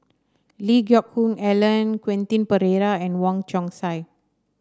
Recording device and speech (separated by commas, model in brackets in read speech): standing microphone (AKG C214), read sentence